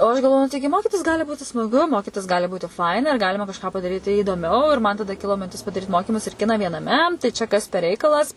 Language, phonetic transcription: Lithuanian, o aš galˈvoju nu ˈtaigi ˈmokitis ˈgali ˈbūti smaˈgu ˈmokitis ˈgali ˈbūti ˈfaina ir ˈgalima kažˈką padaˈryti įdoˈmiau ir ˈman taˈda ˈkilo minˈtis padaˈryt ˈmokimus ir ˈkina vienaˈme tai ˈčia kas per ˈreikalas

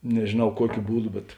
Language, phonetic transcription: Lithuanian, nežėˈnau ˈkuokiu ˈbūˌdu bet

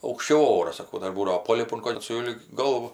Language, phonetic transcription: Lithuanian, aukšˈčiau ˈoras saˈkau ˈdar ˈbūdavo ˈpolipu kol' sulig ˈgalvu

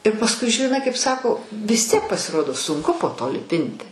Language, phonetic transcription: Lithuanian, ir pasˈkui žiˈnai kaip ˈsako vis ˈtiek pasiˈrodo sunˈku po to liˈpinti

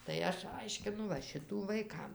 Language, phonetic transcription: Lithuanian, tai ˈaš ˈaiškinu va ˈšitų vaiˈkam

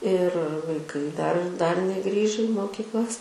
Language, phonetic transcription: Lithuanian, ir vaiˈkai dar dar neˈgrįže i mokykˈlas

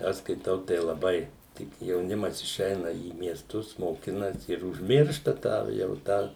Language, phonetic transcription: Lithuanian, ˈaš skaiˈtau tai laˈbai ˈtik jauˈnimas iˈšeina į miesˈtus moˈkinasi ir užˈmiršta tą jau ˈtą

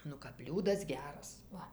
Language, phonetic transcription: Lithuanian, ˈnu kap ˈbliūdas ˈgeras ˈva

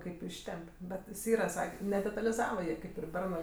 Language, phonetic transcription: Lithuanian, ˈkaip ˈištemp' ˈbet jis ˈyra ˈsakė nedetalizava ˈjie ˈkaip ir ˈbernɜ

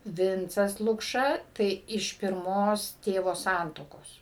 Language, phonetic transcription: Lithuanian, ˈvincas lukˈša tai iš pirˈmos ˈtėvo ˈsantuokos

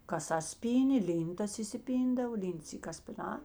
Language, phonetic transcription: Lithuanian, kaˈsas ˈpynė ˈlyntas isiˈpyndav ˈlints ˈy kaspiˈnā

